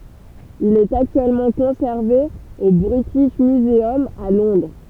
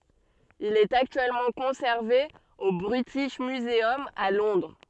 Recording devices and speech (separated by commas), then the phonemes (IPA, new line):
temple vibration pickup, soft in-ear microphone, read sentence
il ɛt aktyɛlmɑ̃ kɔ̃sɛʁve o bʁitiʃ myzœm a lɔ̃dʁ